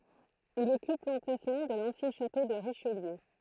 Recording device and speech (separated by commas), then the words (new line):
throat microphone, read sentence
Il occupe l'emplacement de l'ancien château de Richelieu.